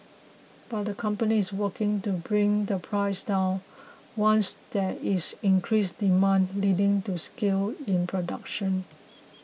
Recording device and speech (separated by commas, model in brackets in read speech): mobile phone (iPhone 6), read sentence